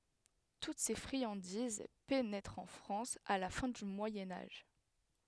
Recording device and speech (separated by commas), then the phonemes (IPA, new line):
headset microphone, read sentence
tut se fʁiɑ̃diz penɛtʁt ɑ̃ fʁɑ̃s a la fɛ̃ dy mwajɛ̃ aʒ